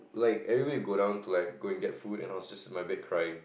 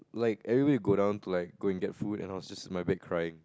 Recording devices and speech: boundary microphone, close-talking microphone, conversation in the same room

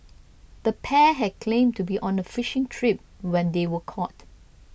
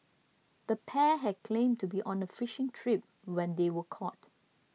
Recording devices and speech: boundary microphone (BM630), mobile phone (iPhone 6), read sentence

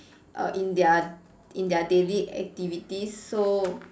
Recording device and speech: standing microphone, conversation in separate rooms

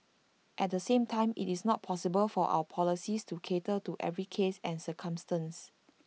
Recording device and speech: mobile phone (iPhone 6), read sentence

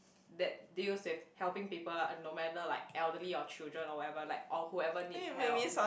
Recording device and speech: boundary microphone, conversation in the same room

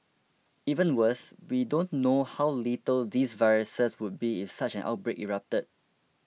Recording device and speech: mobile phone (iPhone 6), read sentence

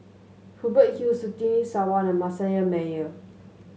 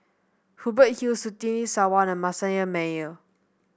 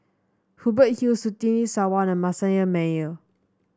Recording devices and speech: mobile phone (Samsung S8), boundary microphone (BM630), standing microphone (AKG C214), read sentence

